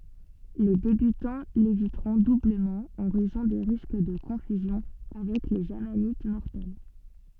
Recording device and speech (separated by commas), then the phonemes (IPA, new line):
soft in-ear microphone, read sentence
le debytɑ̃ levitʁɔ̃ dubləmɑ̃ ɑ̃ ʁɛzɔ̃ de ʁisk də kɔ̃fyzjɔ̃ avɛk lez amanit mɔʁtɛl